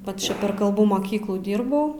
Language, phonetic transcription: Lithuanian, ˈvat čia per kalˈbų moˈkyklų ˈdyrbau

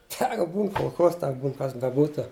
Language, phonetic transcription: Lithuanian, ˈsaka ˈbūn kolˈchoz ˈteg ˈbūn ˈkas beˈbūtu

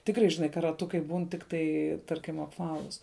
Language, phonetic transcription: Lithuanian, ˈtikrai žiˈnai ka raˈtukai ˈbūn ˈtiktai ˈtarkim apˈvalus

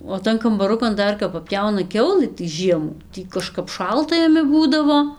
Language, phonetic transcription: Lithuanian, o ˈtan kambaˈrukan ˈdar kap paˈpjauna ˈkiaulɨ tai ˈžiemų ˈtį kaˈžkap ˈšalta jaˈmi ˈbūdavo

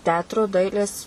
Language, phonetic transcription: Lithuanian, ˈteatru ˈdailės

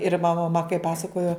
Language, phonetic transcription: Lithuanian, ir maˈma ma kai ˈpasakojo

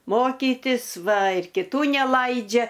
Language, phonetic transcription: Lithuanian, ˈmokytis ˈva ir kiˈtų neˈlaidžia

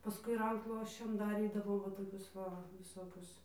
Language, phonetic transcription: Lithuanian, paˈskui ˈrankšluosčiam daˈrydavom ˈva toˈkius ˈva viˈsokius

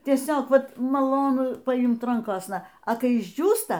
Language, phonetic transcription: Lithuanian, tieˈsiog ˈvat maˈlonu paˈimt ˈrankosna a ˈkai išˈdžiūsta

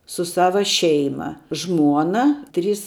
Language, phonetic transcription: Lithuanian, su ˈsava ˈšeima ˈžmuona ˈtrys

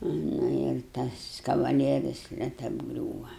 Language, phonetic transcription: Lithuanian, ˈnu ir ˈtas kavaˈlieris net abˈgriūva

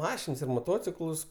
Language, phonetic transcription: Lithuanian, ˈmašins ir moˈtociklus

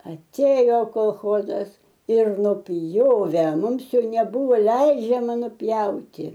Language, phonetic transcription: Lithuanian, aˈtėjo kolˈchozas ir nuˈpjove ˈmums ˈjau neˈbuvo ˈleidžiama nuˈpjauti

